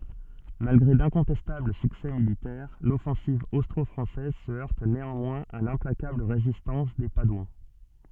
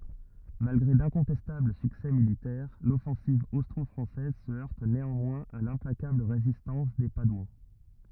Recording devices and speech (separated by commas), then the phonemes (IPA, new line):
soft in-ear microphone, rigid in-ear microphone, read sentence
malɡʁe dɛ̃kɔ̃tɛstabl syksɛ militɛʁ lɔfɑ̃siv ostʁɔfʁɑ̃sɛz sə œʁt neɑ̃mwɛ̃z a lɛ̃plakabl ʁezistɑ̃s de padwɑ̃